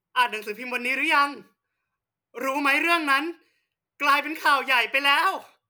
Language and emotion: Thai, happy